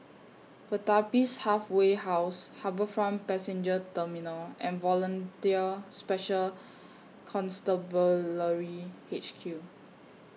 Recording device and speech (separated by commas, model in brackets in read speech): mobile phone (iPhone 6), read sentence